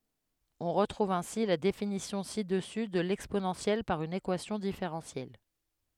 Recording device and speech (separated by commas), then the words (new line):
headset microphone, read sentence
On retrouve ainsi la définition ci-dessus de l'exponentielle par une équation différentielle.